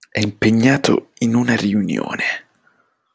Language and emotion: Italian, disgusted